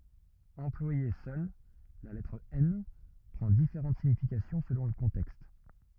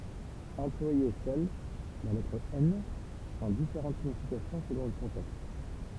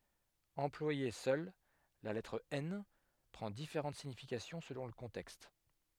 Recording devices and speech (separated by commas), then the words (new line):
rigid in-ear microphone, temple vibration pickup, headset microphone, read sentence
Employée seule, la lettre N prend différentes significations selon le contexte.